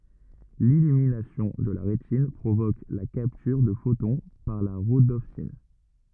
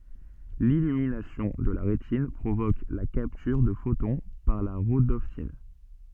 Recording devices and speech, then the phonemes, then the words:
rigid in-ear microphone, soft in-ear microphone, read sentence
lilyminasjɔ̃ də la ʁetin pʁovok la kaptyʁ də fotɔ̃ paʁ la ʁodɔpsin
L'illumination de la rétine provoque la capture de photon par la rhodopsine.

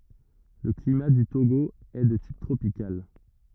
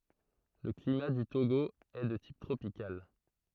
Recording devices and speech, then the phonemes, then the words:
rigid in-ear microphone, throat microphone, read sentence
lə klima dy toɡo ɛ də tip tʁopikal
Le climat du Togo est de type tropical.

